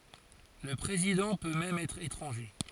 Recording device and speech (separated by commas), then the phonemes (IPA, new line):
forehead accelerometer, read sentence
lə pʁezidɑ̃ pø mɛm ɛtʁ etʁɑ̃ʒe